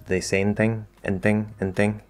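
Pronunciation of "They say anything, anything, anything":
In 'say anything', the e sound at the start of 'any' is dropped completely. This goes too far, so the reduction is incorrect.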